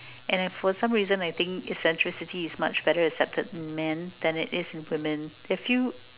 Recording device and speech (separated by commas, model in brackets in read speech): telephone, conversation in separate rooms